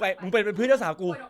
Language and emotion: Thai, angry